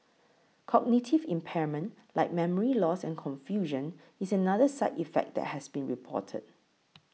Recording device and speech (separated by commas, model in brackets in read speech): mobile phone (iPhone 6), read sentence